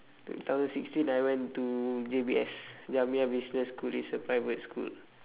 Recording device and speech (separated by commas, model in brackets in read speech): telephone, conversation in separate rooms